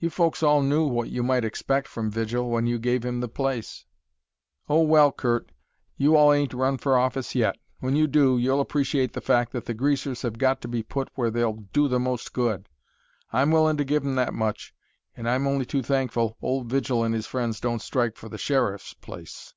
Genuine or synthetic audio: genuine